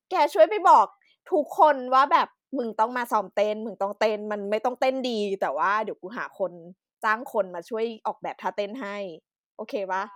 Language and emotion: Thai, happy